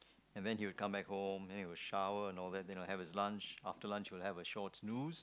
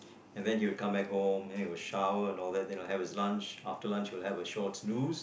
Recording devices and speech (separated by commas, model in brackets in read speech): close-talking microphone, boundary microphone, conversation in the same room